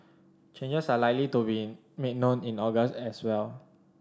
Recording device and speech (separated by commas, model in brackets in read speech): standing microphone (AKG C214), read sentence